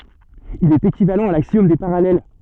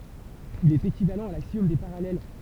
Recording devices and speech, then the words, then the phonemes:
soft in-ear microphone, temple vibration pickup, read sentence
Il est équivalent à l'axiome des parallèles.
il ɛt ekivalɑ̃ a laksjɔm de paʁalɛl

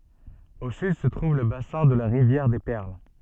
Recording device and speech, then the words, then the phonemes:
soft in-ear microphone, read sentence
Au sud se trouve le bassin de la rivière des Perles.
o syd sə tʁuv lə basɛ̃ də la ʁivjɛʁ de pɛʁl

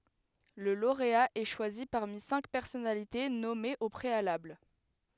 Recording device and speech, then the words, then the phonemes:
headset microphone, read sentence
Le lauréat est choisi parmi cinq personnalités nommés au préalable.
lə loʁea ɛ ʃwazi paʁmi sɛ̃k pɛʁsɔnalite nɔmez o pʁealabl

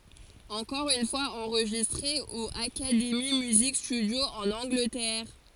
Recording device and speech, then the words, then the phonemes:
forehead accelerometer, read sentence
Encore une fois enregistré au Academy Music Studio en Angleterre.
ɑ̃kɔʁ yn fwaz ɑ̃ʁʒistʁe o akademi myzik stydjo ɑ̃n ɑ̃ɡlətɛʁ

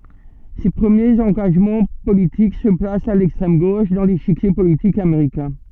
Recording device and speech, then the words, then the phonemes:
soft in-ear microphone, read sentence
Ses premiers engagements politiques se placent à l'extrême gauche dans l'échiquier politique américain.
se pʁəmjez ɑ̃ɡaʒmɑ̃ politik sə plast a lɛkstʁɛm ɡoʃ dɑ̃ leʃikje politik ameʁikɛ̃

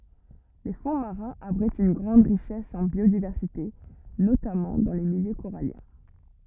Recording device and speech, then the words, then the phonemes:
rigid in-ear microphone, read sentence
Les fonds marins abritent une grande richesse en biodiversité, notamment dans les milieux coralliens.
le fɔ̃ maʁɛ̃z abʁitt yn ɡʁɑ̃d ʁiʃɛs ɑ̃ bjodivɛʁsite notamɑ̃ dɑ̃ le miljø koʁaljɛ̃

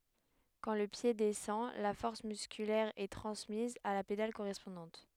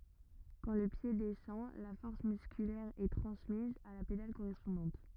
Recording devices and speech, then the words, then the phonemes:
headset microphone, rigid in-ear microphone, read sentence
Quand le pied descend, la force musculaire est transmise à la pédale correspondante.
kɑ̃ lə pje dɛsɑ̃ la fɔʁs myskylɛʁ ɛ tʁɑ̃smiz a la pedal koʁɛspɔ̃dɑ̃t

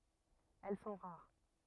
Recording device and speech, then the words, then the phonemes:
rigid in-ear microphone, read sentence
Elles sont rares.
ɛl sɔ̃ ʁaʁ

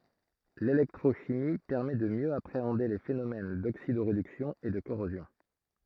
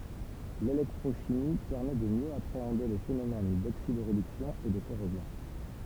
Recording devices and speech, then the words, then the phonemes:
throat microphone, temple vibration pickup, read sentence
L'électrochimie permet de mieux appréhender les phénomènes d'oxydoréduction et de corrosion.
lelɛktʁoʃimi pɛʁmɛ də mjø apʁeɑ̃de le fenomɛn doksidoʁedyksjɔ̃ e də koʁozjɔ̃

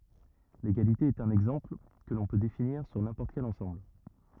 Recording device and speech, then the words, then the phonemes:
rigid in-ear microphone, read sentence
L'égalité est un exemple, que l'on peut définir sur n'importe quel ensemble.
leɡalite ɛt œ̃n ɛɡzɑ̃pl kə lɔ̃ pø definiʁ syʁ nɛ̃pɔʁt kɛl ɑ̃sɑ̃bl

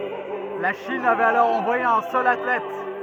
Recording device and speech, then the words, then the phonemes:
rigid in-ear microphone, read sentence
La Chine avait alors envoyé un seul athlète.
la ʃin avɛt alɔʁ ɑ̃vwaje œ̃ sœl atlɛt

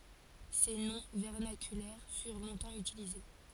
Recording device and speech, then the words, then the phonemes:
forehead accelerometer, read sentence
Ces noms vernaculaires furent longtemps utilisés.
se nɔ̃ vɛʁnakylɛʁ fyʁ lɔ̃tɑ̃ ytilize

